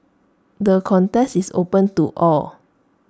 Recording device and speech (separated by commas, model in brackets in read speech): standing microphone (AKG C214), read sentence